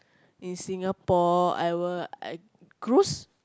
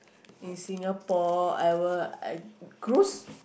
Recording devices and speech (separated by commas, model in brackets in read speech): close-talking microphone, boundary microphone, conversation in the same room